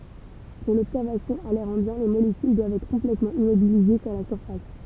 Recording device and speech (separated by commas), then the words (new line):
temple vibration pickup, read sentence
Pour l'observation à l'air ambiant, les molécules doivent être complètement immobilisées sur la surface.